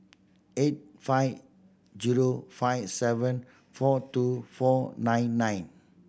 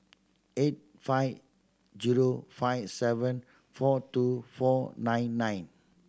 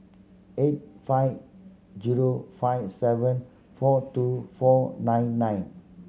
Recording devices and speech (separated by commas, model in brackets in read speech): boundary microphone (BM630), standing microphone (AKG C214), mobile phone (Samsung C7100), read sentence